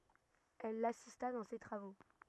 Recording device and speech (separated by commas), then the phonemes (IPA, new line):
rigid in-ear microphone, read sentence
ɛl lasista dɑ̃ se tʁavo